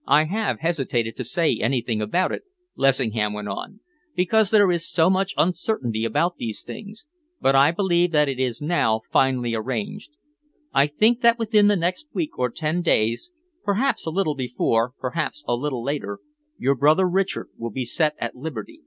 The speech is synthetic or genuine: genuine